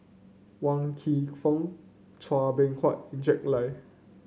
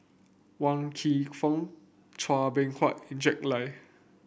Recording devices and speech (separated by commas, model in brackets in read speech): mobile phone (Samsung C9), boundary microphone (BM630), read sentence